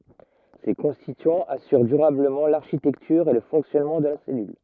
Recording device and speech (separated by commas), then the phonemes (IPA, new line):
rigid in-ear microphone, read sentence
se kɔ̃stityɑ̃z asyʁ dyʁabləmɑ̃ laʁʃitɛktyʁ e lə fɔ̃ksjɔnmɑ̃ də la sɛlyl